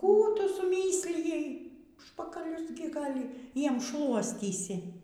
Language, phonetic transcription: Lithuanian, ˈkų ˈtu suˈmyslijai ˈužpakalius ˈgi ˈgal' ˈjiem ˈšluostysi

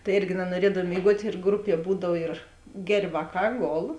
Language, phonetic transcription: Lithuanian, tai ˈirgi nanuoˈriedav mėiˈguot' ir ˈgruˌpie ˈbūdav ir ˈger' ˈvāˌkā ˈgol

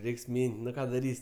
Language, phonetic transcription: Lithuanian, ˈreiks ˈmyn't' nu ˈką daˈrys'

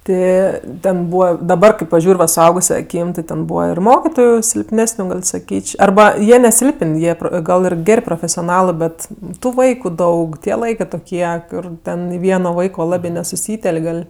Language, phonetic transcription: Lithuanian, ˈti ˈten ˈbūva daˈbar kai paˈžiūr' va suˈauguse aˈkym ti ten ˈbūva ir ˈmokitoju silpˈnesniu gal' saˈkyč' arˈba ˈjie neˈsilpən' ˈjie ˈgal ir ˈger' profesioˈnalɜ ˈbet tu ˈvaiku ˈdaug tie ˈlaikɜ toˈkie ˈkur ˈten i ˈvieno ˈvaiko ˈlabi nesuˈsytel'k' ˈgal'

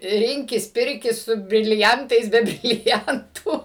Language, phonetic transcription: Lithuanian, ˈrinkis ˈpirkis su briliˈantais be briliˈantu

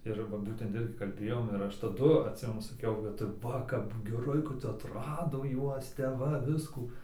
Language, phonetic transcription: Lithuanian, ir ˈva ˈbūtent ˈirgi kalˈbėjom ir ˈaš taˈdu atˈsimenu saˈkiau kad ˈva kap geˈrai kad atˈrado ˈjuos tep ˈva ˈviskų

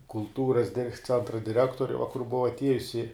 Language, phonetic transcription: Lithuanian, kulˈtūras ˈcentra diˈrektori va kur ˈbuva atˈiejusi

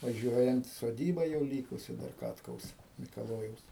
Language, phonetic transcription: Lithuanian, vaˈžiuojant soˈdyba jau ˈlykusi dar ˈkatkaus mikaˈlojaus

